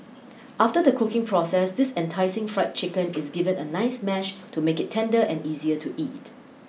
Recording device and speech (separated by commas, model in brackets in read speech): mobile phone (iPhone 6), read sentence